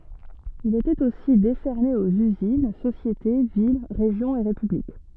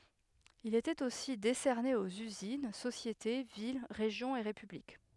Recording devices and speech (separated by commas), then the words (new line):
soft in-ear microphone, headset microphone, read sentence
Il était aussi décerné aux usines, sociétés, villes, régions et républiques.